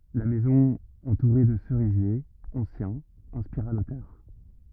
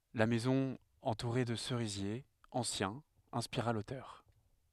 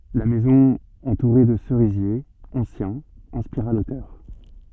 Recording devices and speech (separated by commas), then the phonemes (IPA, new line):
rigid in-ear microphone, headset microphone, soft in-ear microphone, read sentence
la mɛzɔ̃ ɑ̃tuʁe də səʁizjez ɑ̃sjɛ̃z ɛ̃spiʁa lotœʁ